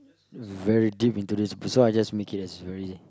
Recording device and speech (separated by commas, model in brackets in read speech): close-talking microphone, conversation in the same room